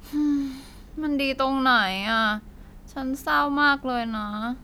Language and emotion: Thai, sad